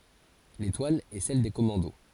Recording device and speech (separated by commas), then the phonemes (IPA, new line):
forehead accelerometer, read sentence
letwal ɛ sɛl de kɔmɑ̃do